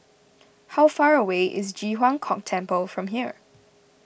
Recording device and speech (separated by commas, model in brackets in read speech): boundary microphone (BM630), read sentence